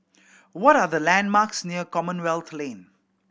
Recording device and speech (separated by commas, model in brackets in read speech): boundary microphone (BM630), read sentence